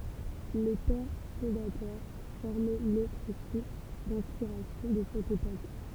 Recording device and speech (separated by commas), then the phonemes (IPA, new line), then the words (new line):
temple vibration pickup, read sentence
le pɛʁ fɔ̃datœʁ fɔʁmɛ lotʁ suʁs dɛ̃spiʁasjɔ̃ də sɛt epok
Les Pères fondateurs formaient l'autre source d'inspiration de cette époque.